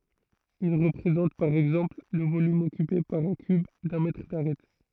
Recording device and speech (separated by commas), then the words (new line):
throat microphone, read sentence
Il représente, par exemple, le volume occupé par un cube d'un mètre d'arête.